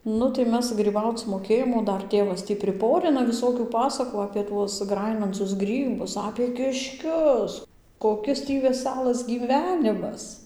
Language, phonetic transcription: Lithuanian, ˈnu tai ˈmes gryˈbauc moˈkėjom o ˈdar ˈtėvas ˈtį priˈporina viˈsokių ˈpasakų apė ˈtuos ˈgrajinancus ˈgrybus apė kišˈkius koˈkis tį veˈsælas gyˈvenimas

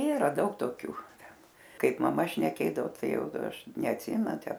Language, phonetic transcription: Lithuanian, ˈyra ˈdaug toˈkių ˈten ˈkaip maˈma šneˈkėdavo ˈtai ˈjau ˈaš neatˈsimenu ˈtę

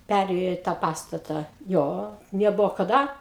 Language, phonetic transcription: Lithuanian, peˈrėjo i ˈtą ˈpastatą ˈjo neˈbuvo kaˈda

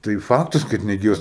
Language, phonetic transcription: Lithuanian, tai ˈfaktas kad neˈgyvas

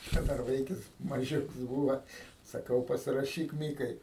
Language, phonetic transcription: Lithuanian, ˈčia ˈdar ˈvaikis maˈžiuks ˈbūva saˈkau pasiraˈšyk ˈmykai

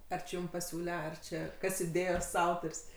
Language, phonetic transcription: Lithuanian, ˈar či ˈjum paˈsiūle ˈar čia ˈkas iˈdėjos ˈautor's'

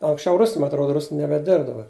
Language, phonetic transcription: Lithuanian, anksˈčiau ˈrus ma atˈroda ˈrusn nebeˈdirb daˈbar

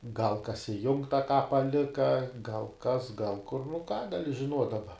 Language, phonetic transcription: Lithuanian, gal kas iˈjungta ˈką paˈlika gal ˈkas gal ˈkur nu ką gaˈli žiˈnuot' daˈba

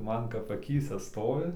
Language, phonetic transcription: Lithuanian, ˈman kap aˈkyse ˈstovi

